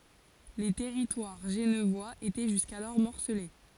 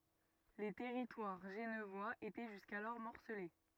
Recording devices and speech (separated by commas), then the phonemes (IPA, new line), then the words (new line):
forehead accelerometer, rigid in-ear microphone, read sentence
lə tɛʁitwaʁ ʒənvwaz etɛ ʒyskalɔʁ mɔʁsəle
Le territoire genevois était jusqu'alors morcelé.